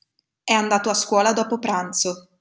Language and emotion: Italian, neutral